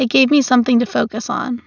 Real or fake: real